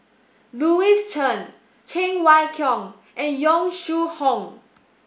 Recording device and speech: boundary microphone (BM630), read sentence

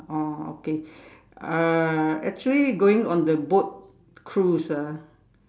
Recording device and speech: standing microphone, conversation in separate rooms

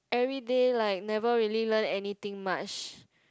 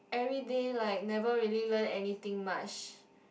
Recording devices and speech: close-talking microphone, boundary microphone, conversation in the same room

